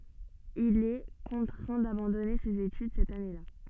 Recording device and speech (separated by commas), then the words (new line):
soft in-ear microphone, read sentence
Il est contraint d'abandonner ses études cette année-là.